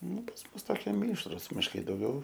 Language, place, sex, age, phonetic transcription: Lithuanian, Aukštaitija, male, 18-60, ˈnu pas ˈmus toˈkie ˈmyšrus mišˈkai dauˈgiau

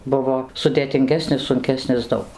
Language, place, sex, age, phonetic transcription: Lithuanian, Dzūkija, female, 60+, ˈbuvo sudėtinˈgesnis sunˈkesnis ˈdaug

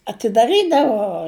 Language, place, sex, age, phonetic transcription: Lithuanian, Žemaitija, female, 60+, atidaˈrydavo

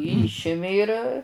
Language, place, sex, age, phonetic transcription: Lithuanian, Žemaitija, female, 60+, ˈyšimi ir

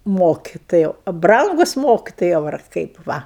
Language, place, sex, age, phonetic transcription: Lithuanian, Aukštaitija, female, 60+, ˈmokitojau a ˈbrangus ˈmokitojau ar ˈkaip ˈva

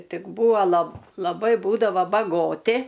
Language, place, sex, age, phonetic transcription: Lithuanian, Aukštaitija, female, 60+, ˈtik ˈbūa lab laˈbai ˈbūdavo baˈgoti

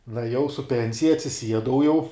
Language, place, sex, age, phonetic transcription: Lithuanian, Žemaitija, male, 18-60, nueˈjau su ˈpensija atsiˈsiedau jau

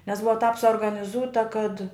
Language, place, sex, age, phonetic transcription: Lithuanian, Žemaitija, female, 60+, nes ˈbuva tāp suorganiˈzūta kad

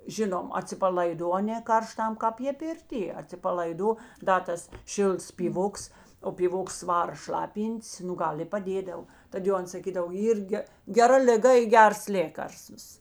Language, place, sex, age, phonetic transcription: Lithuanian, Žemaitija, female, 60+, ˈžinom atsipalaiˈdo ˈaˌnė ˈkarˌštam ˈkāp ˈjė pirˈtie atsipalaiˈdo ˈda tas ˈšilts pyˈvoks o pyˈvoks ˈvara ˈšlapyn't's ˈnu ˈgal i paˈdėdav ˈtad jau ˈans saˈkydav ˈyr ge geˈra liˈga i ˈgers ˈlėkarstvas

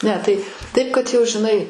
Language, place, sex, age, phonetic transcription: Lithuanian, Aukštaitija, female, 60+, ˈne tai ˈtaip kad ˈjau žiˈnai

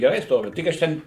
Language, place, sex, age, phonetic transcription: Lithuanian, Suvalkija, male, 60+, geˈrai ˈstovi ˈtik aš ten

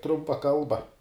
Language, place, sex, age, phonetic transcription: Lithuanian, Žemaitija, male, 18-60, ˈtrumpa ˈkalba

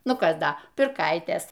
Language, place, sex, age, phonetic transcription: Lithuanian, Aukštaitija, female, 60+, ˈnu ˈkas ˈda pirˈkaitės

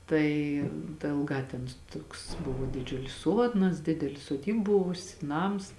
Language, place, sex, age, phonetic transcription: Lithuanian, Žemaitija, female, 18-60, ˈtai da ėlˈgā ten ˈtuoks ˈbuvo diˈdžiulis ˈsuodnas ˈdideli soˈdyb ˈbuvusi ˈnams

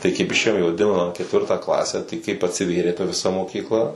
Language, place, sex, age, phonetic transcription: Lithuanian, Suvalkija, male, 18-60, tai kaip išˈėjom i vaˈdinamą ketˈvirtą ˈklasę tai kaip atsiˈvėrė ta viˈsa mokykˈla

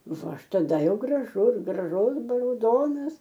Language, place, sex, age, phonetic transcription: Lithuanian, Aukštaitija, female, 60+, ˈva ˈaš taˈda ˈjau graˈžus graˈžus rauˈdonas

